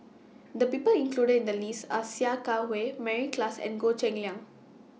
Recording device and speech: mobile phone (iPhone 6), read sentence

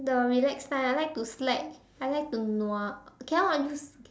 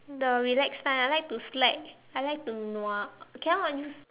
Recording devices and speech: standing microphone, telephone, conversation in separate rooms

